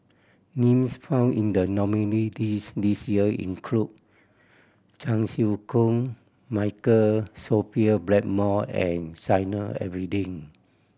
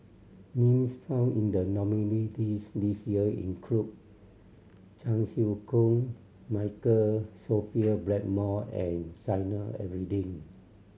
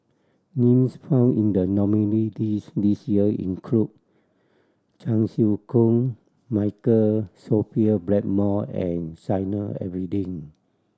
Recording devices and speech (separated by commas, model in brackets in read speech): boundary microphone (BM630), mobile phone (Samsung C7100), standing microphone (AKG C214), read sentence